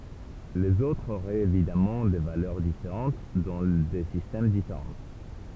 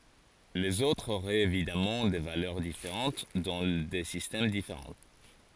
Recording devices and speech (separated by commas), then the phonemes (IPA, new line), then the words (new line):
temple vibration pickup, forehead accelerometer, read sentence
lez otʁz oʁɛt evidamɑ̃ de valœʁ difeʁɑ̃t dɑ̃ de sistɛm difeʁɑ̃
Les autres auraient évidemment des valeurs différentes dans des systèmes différents.